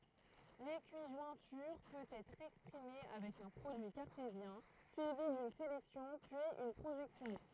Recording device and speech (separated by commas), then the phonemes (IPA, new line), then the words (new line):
throat microphone, read sentence
lekiʒwɛ̃tyʁ pøt ɛtʁ ɛkspʁime avɛk œ̃ pʁodyi kaʁtezjɛ̃ syivi dyn selɛksjɔ̃ pyiz yn pʁoʒɛksjɔ̃
L'équijointure peut être exprimée avec un produit cartésien, suivi d'une sélection, puis une projection.